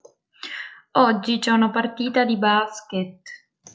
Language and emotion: Italian, sad